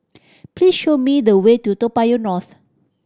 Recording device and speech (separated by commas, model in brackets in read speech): standing microphone (AKG C214), read sentence